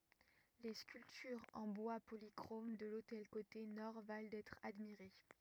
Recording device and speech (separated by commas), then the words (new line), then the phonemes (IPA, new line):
rigid in-ear microphone, read sentence
Les sculptures en bois polychrome de l'autel côté nord valent d'être admirées.
le skyltyʁz ɑ̃ bwa polikʁom də lotɛl kote nɔʁ val dɛtʁ admiʁe